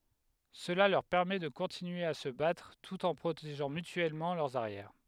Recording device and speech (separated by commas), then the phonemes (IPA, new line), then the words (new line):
headset microphone, read sentence
səla lœʁ pɛʁmɛ də kɔ̃tinye a sə batʁ tut ɑ̃ pʁoteʒɑ̃ mytyɛlmɑ̃ lœʁz aʁjɛʁ
Cela leur permet de continuer à se battre tout en protégeant mutuellement leurs arrières.